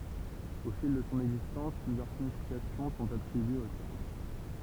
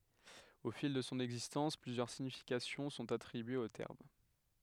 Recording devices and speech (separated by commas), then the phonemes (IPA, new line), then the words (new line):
temple vibration pickup, headset microphone, read sentence
o fil də sɔ̃ ɛɡzistɑ̃s plyzjœʁ siɲifikasjɔ̃ sɔ̃t atʁibyez o tɛʁm
Au fil de son existence, plusieurs significations sont attribuées au terme.